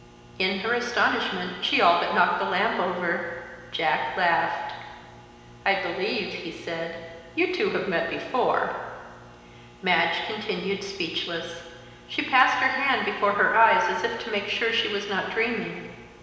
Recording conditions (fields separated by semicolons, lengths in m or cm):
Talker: one person; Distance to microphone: 1.7 m; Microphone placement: close; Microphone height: 1.0 m; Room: very reverberant, large; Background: none